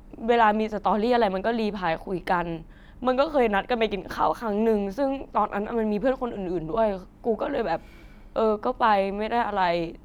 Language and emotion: Thai, sad